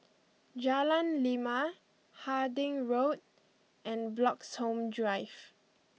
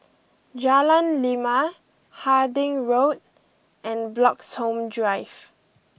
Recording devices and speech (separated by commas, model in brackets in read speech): mobile phone (iPhone 6), boundary microphone (BM630), read sentence